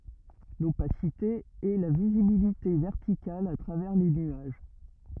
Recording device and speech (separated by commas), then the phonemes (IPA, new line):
rigid in-ear microphone, read sentence
lopasite ɛ la vizibilite vɛʁtikal a tʁavɛʁ le nyaʒ